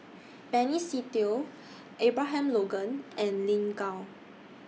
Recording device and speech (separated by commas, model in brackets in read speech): mobile phone (iPhone 6), read sentence